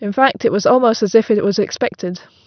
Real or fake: real